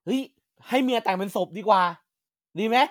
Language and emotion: Thai, happy